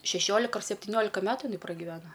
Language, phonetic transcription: Lithuanian, šeˈšiolika ar septiˈniolika ˈmetu iˈnai pragiˈveno

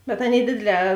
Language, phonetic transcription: Lithuanian, bet ˈaˌnėi ˈdėdėˌlē

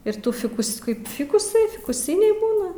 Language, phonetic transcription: Lithuanian, ir ˈtų ˈfikus ˈkaip ˈfikusai fikuˈsiniai ˈbūna

